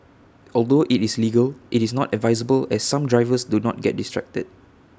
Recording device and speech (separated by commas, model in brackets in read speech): standing microphone (AKG C214), read sentence